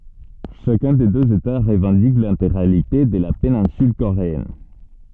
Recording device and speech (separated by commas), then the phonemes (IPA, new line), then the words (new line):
soft in-ear microphone, read sentence
ʃakœ̃ de døz eta ʁəvɑ̃dik lɛ̃teɡʁalite də la penɛ̃syl koʁeɛn
Chacun des deux États revendique l’intégralité de la péninsule coréenne.